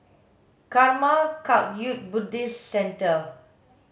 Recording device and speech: mobile phone (Samsung S8), read sentence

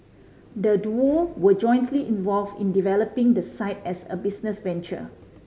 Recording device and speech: mobile phone (Samsung C5010), read sentence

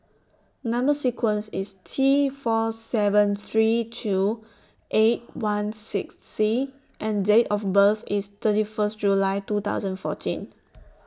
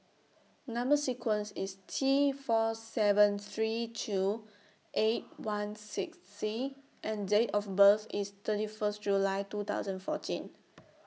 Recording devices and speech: standing microphone (AKG C214), mobile phone (iPhone 6), read sentence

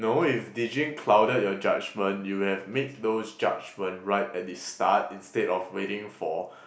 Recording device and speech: boundary microphone, conversation in the same room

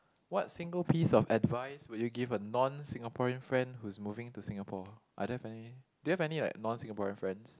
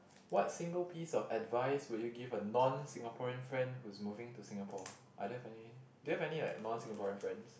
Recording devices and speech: close-talking microphone, boundary microphone, conversation in the same room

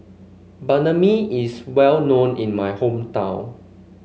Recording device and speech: mobile phone (Samsung C5), read sentence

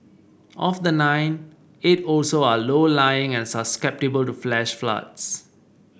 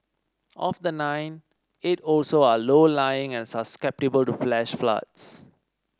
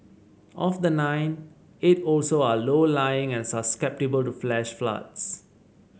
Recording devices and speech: boundary microphone (BM630), standing microphone (AKG C214), mobile phone (Samsung C7), read sentence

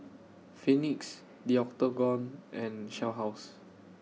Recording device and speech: mobile phone (iPhone 6), read sentence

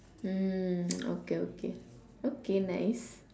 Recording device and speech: standing microphone, conversation in separate rooms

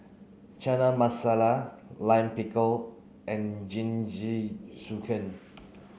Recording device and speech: mobile phone (Samsung C9), read sentence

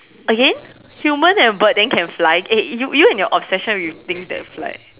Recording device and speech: telephone, conversation in separate rooms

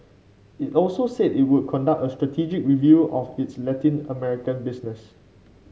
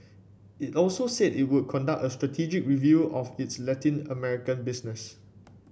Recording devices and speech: mobile phone (Samsung C5), boundary microphone (BM630), read sentence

